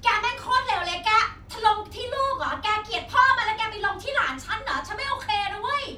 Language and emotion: Thai, angry